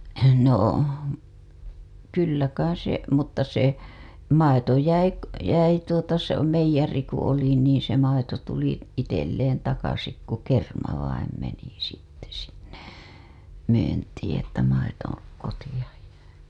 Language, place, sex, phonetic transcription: Finnish, Hailuoto, female, no , kyllä kais se , mutta se , 'maito jäi , jäi tuota se , meij̆jari ku oli niin̬ se maito tuli , itelleen takasik ku 'kerma vaim meni sitte sinne , myyntiiḭ että maito , koti‿aj jäi .
- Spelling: no kyllä kai se mutta se maito jäi jäi tuota se meijeriin kun oli niin se maito tuli itselle takaisin kun kerma vain meni sitten sinne myyntiin että maito kotia jäi

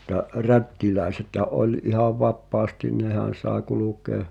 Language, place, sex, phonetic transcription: Finnish, Pihtipudas, male, [mut]t̀a "rättiläisethä’ ’oĺ ihav "vappaastiⁿ "nehän̬ sàe 'kulukèa ,.
- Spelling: mutta rättiläisethän oli ihan vapaasti nehän sai kulkea

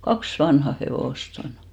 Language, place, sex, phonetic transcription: Finnish, Hinnerjoki, female, "kaks 'vanha 'hevòst ‿on .
- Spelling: kaksi vanhaa hevosta on

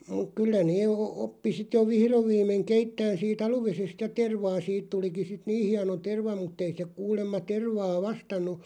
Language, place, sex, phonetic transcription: Finnish, Loppi, male, muᵏ 'kyllä nee ᵒ- 'oppi sit jo "vihrov 'viim̆meᵑ 'keittään sii"t ‿aluvesest "ja 'tervaa 'siit tuliki sit "nii 'hiano 'terva muttei se 'kuulemma 'tervaa "vastannu ,.
- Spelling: mutta kyllä ne - oppi sitten jo vihdoin viimein keittämään siitä aluvedestä ja tervaa siitä tulikin sitten niin hieno terva mutta ei se kuulemma tervaa vastannut

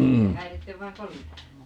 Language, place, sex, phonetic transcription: Finnish, Paavola, female, ('jos ei) 'häirittev vaiŋ "kolina .
- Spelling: jos ei häiritse vain kolina

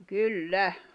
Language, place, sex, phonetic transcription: Finnish, Jämsä, female, kyl"lä .
- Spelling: kyllä

